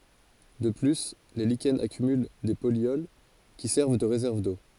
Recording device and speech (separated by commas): forehead accelerometer, read sentence